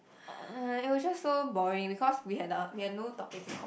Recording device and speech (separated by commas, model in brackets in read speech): boundary microphone, conversation in the same room